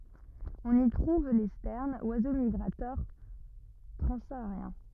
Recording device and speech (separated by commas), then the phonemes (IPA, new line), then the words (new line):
rigid in-ear microphone, read sentence
ɔ̃n i tʁuv le stɛʁnz wazo miɡʁatœʁ tʁɑ̃saaʁjɛ̃
On y trouve les sternes, oiseaux migrateurs transsahariens.